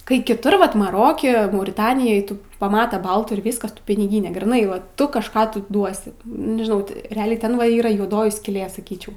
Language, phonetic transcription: Lithuanian, kai kiˈtur ˈvat maˈroke mauriˈtanijoj ˈtu paˈmata ˈbaltų ir ˈvyskas ˈtu piniˈgynė gryˈnai va ˈtu kažˈką tu ˈduosi nežiˈnau ti reˈaliai ˈten va ˈyra juoˈdoji skyˈlė saˈkyčiau

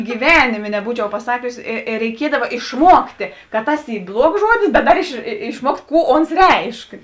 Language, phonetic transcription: Lithuanian, gyˈvenimė neˈbūčiau paˈsakius i ir reiˈkiedava išˈmuoktė ka ˈtas ˈy ˈbluogs ˈžuodis bet ˈdar iš išˈmuokt' ˈkų ˈons ˈreišk

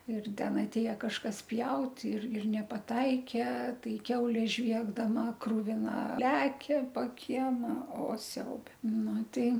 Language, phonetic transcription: Lithuanian, ir ˈten atˈėja kažˈkas ˈpjaut' ir ir nepaˈtaike ˈtai ˈkiaulė ˈžviegdama kruviˈna ˈlekia po ˈkiema o ˈsiaube ˈnu ˈtai

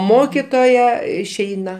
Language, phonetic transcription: Lithuanian, ˈmokitoja išˈeina

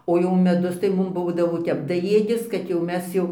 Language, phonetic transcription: Lithuanian, o jau meˈdus tai ˈmum ˈbūdavo ˈtep daˈjėdis ˈkad jau ˈmes jau

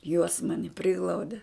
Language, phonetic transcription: Lithuanian, juos ˈmani ˈpriglaude

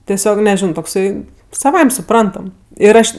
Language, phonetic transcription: Lithuanian, teˈsiog neˈžino tokˈsai saˈvaim' suˈprantam ir ˈaš

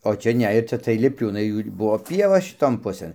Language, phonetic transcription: Lithuanian, o ˈčia ˈne ir ˈčia tai lipˈliūnai ˈjų ir ˈbuvo ˈpieva šiˈton ˈpusɘn

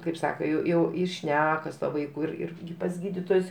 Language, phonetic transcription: Lithuanian, kaip ˈsaka ˈjau jau i ˈšneka su ˈtuo ˈvaiku ir ˈir pas ˈgydytojus

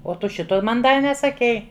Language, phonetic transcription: Lithuanian, o ˈtu ˈšito ˈman ˈdar nesaˈkei

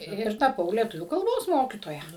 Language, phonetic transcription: Lithuanian, ˈir taˈpau lieˈtuvių kalˈbos ˈmokytoja

